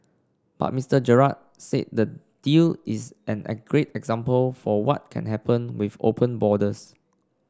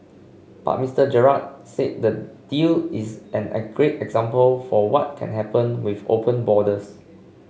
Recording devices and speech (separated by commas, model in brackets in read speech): standing microphone (AKG C214), mobile phone (Samsung C5), read sentence